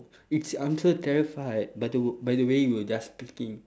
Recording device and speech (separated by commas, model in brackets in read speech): standing microphone, conversation in separate rooms